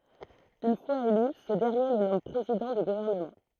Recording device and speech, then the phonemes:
throat microphone, read sentence
yn fwaz ely sə dɛʁnje lə nɔm pʁezidɑ̃ dy ɡuvɛʁnəmɑ̃

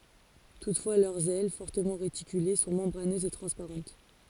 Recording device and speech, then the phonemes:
forehead accelerometer, read sentence
tutfwa lœʁz ɛl fɔʁtəmɑ̃ ʁetikyle sɔ̃ mɑ̃bʁanøzz e tʁɑ̃spaʁɑ̃t

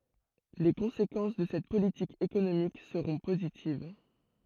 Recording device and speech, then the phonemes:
throat microphone, read sentence
le kɔ̃sekɑ̃s də sɛt politik ekonomik səʁɔ̃ pozitiv

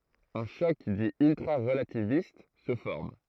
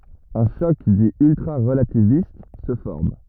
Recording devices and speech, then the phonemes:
throat microphone, rigid in-ear microphone, read sentence
œ̃ ʃɔk di yltʁaʁəlativist sə fɔʁm

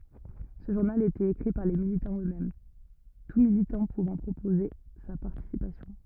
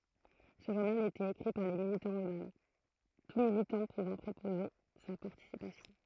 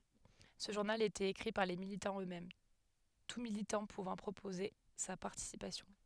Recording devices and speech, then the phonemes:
rigid in-ear microphone, throat microphone, headset microphone, read sentence
sə ʒuʁnal etɛt ekʁi paʁ le militɑ̃z øksmɛm tu militɑ̃ puvɑ̃ pʁopoze sa paʁtisipasjɔ̃

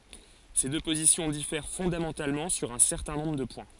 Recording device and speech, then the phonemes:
forehead accelerometer, read sentence
se dø pozisjɔ̃ difɛʁ fɔ̃damɑ̃talmɑ̃ syʁ œ̃ sɛʁtɛ̃ nɔ̃bʁ də pwɛ̃

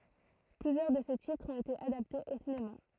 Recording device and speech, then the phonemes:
throat microphone, read sentence
plyzjœʁ də se titʁz ɔ̃t ete adaptez o sinema

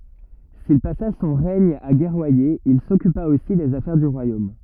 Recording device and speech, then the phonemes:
rigid in-ear microphone, read sentence
sil pasa sɔ̃ ʁɛɲ a ɡɛʁwaje il sɔkypa osi dez afɛʁ dy ʁwajom

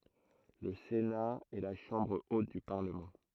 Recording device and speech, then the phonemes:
throat microphone, read sentence
lə sena ɛ la ʃɑ̃bʁ ot dy paʁləmɑ̃

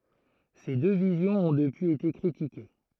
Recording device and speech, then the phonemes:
throat microphone, read sentence
se dø vizjɔ̃z ɔ̃ dəpyiz ete kʁitike

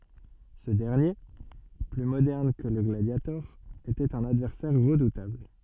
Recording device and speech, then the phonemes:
soft in-ear microphone, read sentence
sə dɛʁnje ply modɛʁn kə lə ɡladjatɔʁ etɛt œ̃n advɛʁsɛʁ ʁədutabl

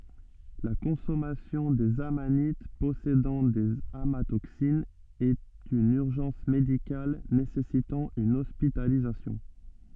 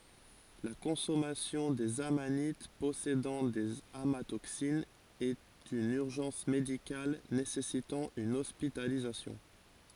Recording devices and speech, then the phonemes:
soft in-ear microphone, forehead accelerometer, read sentence
la kɔ̃sɔmasjɔ̃ dez amanit pɔsedɑ̃ dez amatoksinz ɛt yn yʁʒɑ̃s medikal nesɛsitɑ̃ yn ɔspitalizasjɔ̃

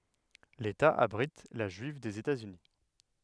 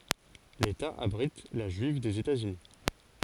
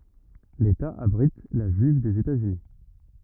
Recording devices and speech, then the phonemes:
headset microphone, forehead accelerometer, rigid in-ear microphone, read sentence
leta abʁit la ʒyiv dez etaz yni

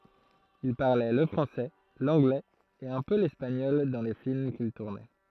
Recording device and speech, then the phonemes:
throat microphone, read sentence
il paʁlɛ lə fʁɑ̃sɛ lɑ̃ɡlɛz e œ̃ pø lɛspaɲɔl dɑ̃ le film kil tuʁnɛ

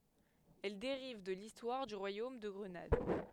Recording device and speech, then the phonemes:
headset microphone, read sentence
ɛl deʁiv də listwaʁ dy ʁwajom də ɡʁənad

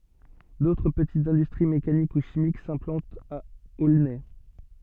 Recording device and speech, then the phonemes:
soft in-ear microphone, read sentence
dotʁ pətitz ɛ̃dystʁi mekanik u ʃimik sɛ̃plɑ̃tt a olnɛ

